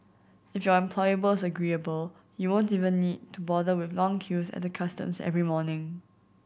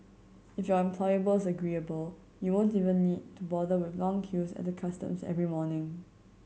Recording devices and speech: boundary microphone (BM630), mobile phone (Samsung C7100), read sentence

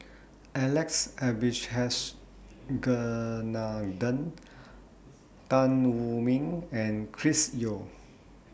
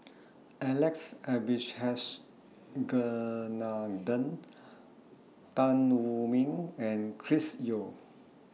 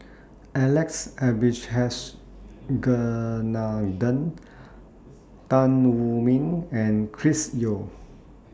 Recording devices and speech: boundary microphone (BM630), mobile phone (iPhone 6), standing microphone (AKG C214), read sentence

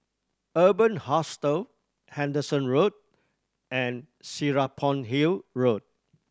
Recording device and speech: standing microphone (AKG C214), read sentence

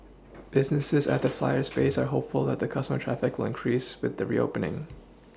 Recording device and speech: standing microphone (AKG C214), read sentence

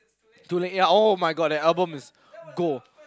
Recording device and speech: close-talking microphone, conversation in the same room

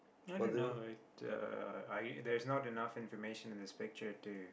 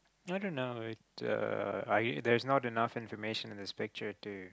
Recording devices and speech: boundary microphone, close-talking microphone, conversation in the same room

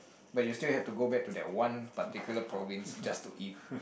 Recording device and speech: boundary microphone, conversation in the same room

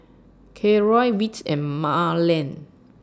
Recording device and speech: standing microphone (AKG C214), read sentence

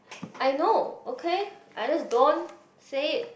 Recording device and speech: boundary microphone, conversation in the same room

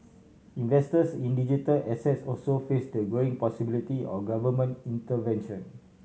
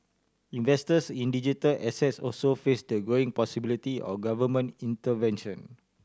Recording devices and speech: mobile phone (Samsung C7100), standing microphone (AKG C214), read sentence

